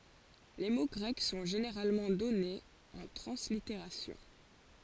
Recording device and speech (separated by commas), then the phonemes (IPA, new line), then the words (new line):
forehead accelerometer, read sentence
le mo ɡʁɛk sɔ̃ ʒeneʁalmɑ̃ dɔnez ɑ̃ tʁɑ̃sliteʁasjɔ̃
Les mots grecs sont généralement donnés en translittération.